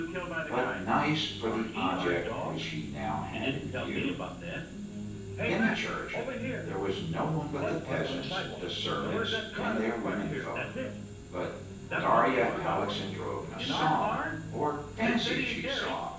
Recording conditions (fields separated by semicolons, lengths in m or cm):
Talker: one person; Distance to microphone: 9.8 m; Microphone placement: far; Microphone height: 1.8 m; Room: large; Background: television